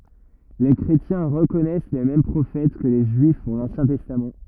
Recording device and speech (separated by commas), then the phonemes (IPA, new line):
rigid in-ear microphone, read sentence
le kʁetjɛ̃ ʁəkɔnɛs le mɛm pʁofɛt kə le ʒyif puʁ lɑ̃sjɛ̃ tɛstam